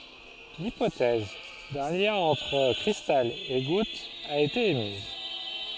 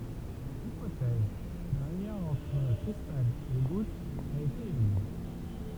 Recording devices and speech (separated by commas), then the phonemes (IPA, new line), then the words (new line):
forehead accelerometer, temple vibration pickup, read sentence
lipotɛz dœ̃ ljɛ̃ ɑ̃tʁ kʁistal e ɡut a ete emiz
L'hypothèse d'un lien entre cristal et goutte a été émise.